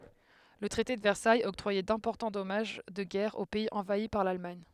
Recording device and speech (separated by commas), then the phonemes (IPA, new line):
headset microphone, read sentence
lə tʁɛte də vɛʁsajz ɔktʁwajɛ dɛ̃pɔʁtɑ̃ dɔmaʒ də ɡɛʁ o pɛiz ɑ̃vai paʁ lalmaɲ